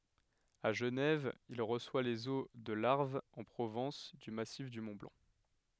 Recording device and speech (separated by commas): headset microphone, read sentence